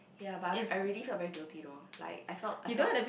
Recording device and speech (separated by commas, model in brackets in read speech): boundary microphone, conversation in the same room